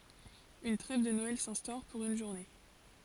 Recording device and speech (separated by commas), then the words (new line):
forehead accelerometer, read sentence
Une trêve de Noël s'instaure, pour une journée.